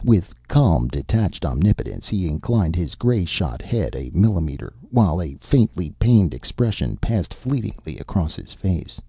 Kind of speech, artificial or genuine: genuine